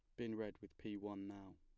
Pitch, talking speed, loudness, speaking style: 100 Hz, 260 wpm, -49 LUFS, plain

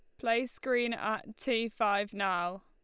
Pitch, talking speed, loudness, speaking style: 220 Hz, 150 wpm, -32 LUFS, Lombard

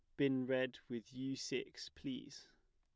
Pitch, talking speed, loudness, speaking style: 135 Hz, 150 wpm, -42 LUFS, plain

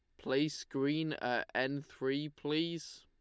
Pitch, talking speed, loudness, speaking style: 140 Hz, 130 wpm, -36 LUFS, Lombard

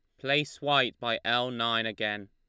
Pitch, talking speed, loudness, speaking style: 115 Hz, 175 wpm, -28 LUFS, Lombard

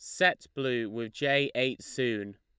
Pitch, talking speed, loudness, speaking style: 125 Hz, 165 wpm, -30 LUFS, Lombard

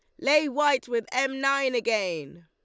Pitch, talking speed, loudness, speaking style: 265 Hz, 165 wpm, -25 LUFS, Lombard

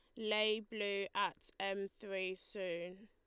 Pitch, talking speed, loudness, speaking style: 195 Hz, 125 wpm, -40 LUFS, Lombard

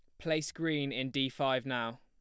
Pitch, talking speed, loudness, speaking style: 135 Hz, 200 wpm, -34 LUFS, plain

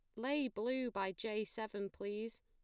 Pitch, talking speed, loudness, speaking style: 220 Hz, 160 wpm, -41 LUFS, plain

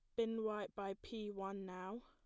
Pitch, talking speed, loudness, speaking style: 205 Hz, 195 wpm, -45 LUFS, plain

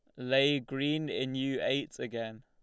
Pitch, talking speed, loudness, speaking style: 135 Hz, 160 wpm, -32 LUFS, Lombard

